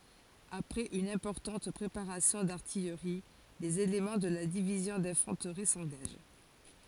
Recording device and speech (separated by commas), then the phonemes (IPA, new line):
forehead accelerometer, read sentence
apʁɛz yn ɛ̃pɔʁtɑ̃t pʁepaʁasjɔ̃ daʁtijʁi lez elemɑ̃ də la divizjɔ̃ dɛ̃fɑ̃tʁi sɑ̃ɡaʒ